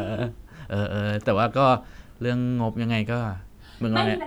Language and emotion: Thai, neutral